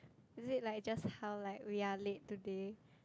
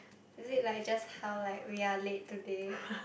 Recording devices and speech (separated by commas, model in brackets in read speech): close-talking microphone, boundary microphone, conversation in the same room